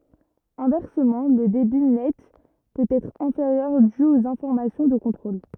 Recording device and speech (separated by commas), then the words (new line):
rigid in-ear microphone, read sentence
Inversement, le débit net peut être inférieur dû aux informations de contrôle.